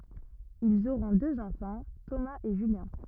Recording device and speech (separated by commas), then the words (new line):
rigid in-ear microphone, read sentence
Ils auront deux enfants, Thomas et Julien.